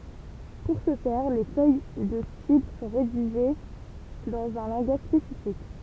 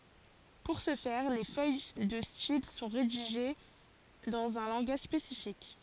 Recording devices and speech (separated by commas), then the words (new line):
temple vibration pickup, forehead accelerometer, read sentence
Pour ce faire, les feuilles de style sont rédigées dans un langage spécifique.